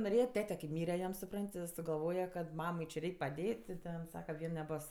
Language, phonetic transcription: Lithuanian, noˈrėja ˈtete ki ˈmyre jam suˈpran't' i sugaˈlvoja kad ˈmamai či ˈreik' paˈdėt' ti ˈten ˈsaka ˈvien neˈbos

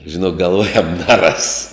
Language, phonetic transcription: Lithuanian, žiˈnok galˈvojam neˈras

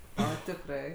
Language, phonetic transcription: Lithuanian, ˈo tikˈrai

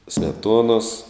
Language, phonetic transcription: Lithuanian, smeˈtuonos

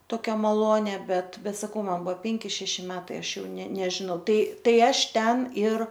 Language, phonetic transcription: Lithuanian, ˈtokia maˈlonia ˈbet ˈbet saˈkau ˈman ˈbuvo ˈpenki ˈšeši ˈmetai ˈaš jau ne nežiˈnau ˈtai ˈtai ˈaš ˈten ir

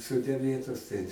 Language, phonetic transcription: Lithuanian, ˈsode ˈmėtos tai

